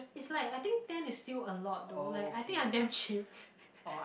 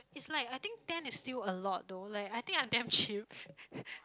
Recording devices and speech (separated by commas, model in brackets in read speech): boundary microphone, close-talking microphone, conversation in the same room